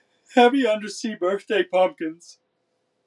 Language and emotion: English, sad